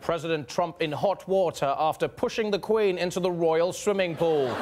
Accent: British accent